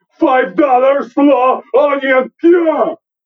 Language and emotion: English, angry